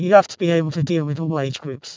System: VC, vocoder